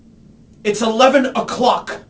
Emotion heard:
angry